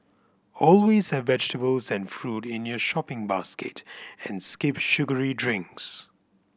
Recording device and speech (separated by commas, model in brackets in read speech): boundary microphone (BM630), read sentence